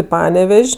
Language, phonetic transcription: Lithuanian, i ˈpanevež'

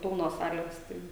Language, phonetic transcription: Lithuanian, ˈpilnos ˈsalės ˈtai

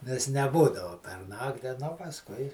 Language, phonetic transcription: Lithuanian, nes neˈbūdavu per ˈnakti nu pasˈkui

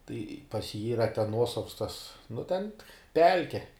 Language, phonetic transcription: Lithuanian, tai pas jį ˈyra ten ˈnuosavs tas nu ten ˈpelke

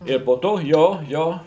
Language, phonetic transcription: Lithuanian, ir po ˈto ˈjo ˈjo

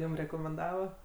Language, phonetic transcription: Lithuanian, ˈjūm rekomenˈdava

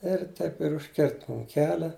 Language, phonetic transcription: Lithuanian, ir ˈtaip ir užˈkirt ˈmum ˈkelia

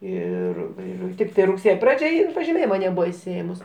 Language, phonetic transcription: Lithuanian, ˈir ˈir ˈtiktai rugˈsėjo ˈpradžia ˈin pažiˈmėjima neˈbūva išsiˈėmus

